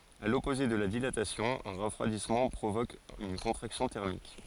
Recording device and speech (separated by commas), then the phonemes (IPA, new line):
forehead accelerometer, read sentence
a lɔpoze də la dilatasjɔ̃ œ̃ ʁəfʁwadismɑ̃ pʁovok yn kɔ̃tʁaksjɔ̃ tɛʁmik